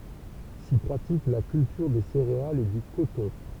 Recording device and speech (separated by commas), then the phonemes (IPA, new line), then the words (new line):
temple vibration pickup, read sentence
si pʁatik la kyltyʁ de seʁealz e dy kotɔ̃
S'y pratique la culture des céréales et du coton.